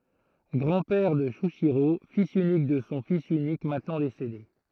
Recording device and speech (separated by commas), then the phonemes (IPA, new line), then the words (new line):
throat microphone, read sentence
ɡʁɑ̃ pɛʁ də ʃyiʃiʁo filz ynik də sɔ̃ fis ynik mɛ̃tnɑ̃ desede
Grand-père de Shuichirô, fils unique de son fils unique maintenant décédé.